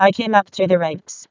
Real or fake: fake